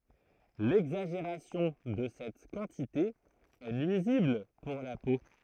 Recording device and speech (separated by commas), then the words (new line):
throat microphone, read sentence
L'exagération de cette quantité est nuisible pour la peau.